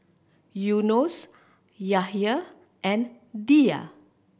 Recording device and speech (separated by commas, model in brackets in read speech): boundary microphone (BM630), read sentence